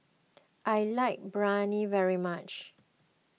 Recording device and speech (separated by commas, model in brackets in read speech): mobile phone (iPhone 6), read sentence